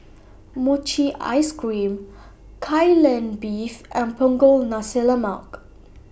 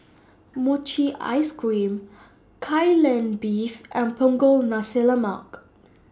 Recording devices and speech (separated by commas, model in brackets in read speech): boundary microphone (BM630), standing microphone (AKG C214), read sentence